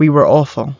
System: none